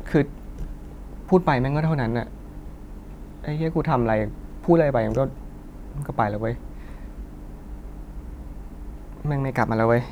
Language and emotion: Thai, sad